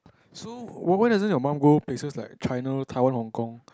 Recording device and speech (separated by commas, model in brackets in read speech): close-talking microphone, conversation in the same room